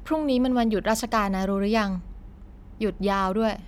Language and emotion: Thai, neutral